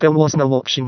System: VC, vocoder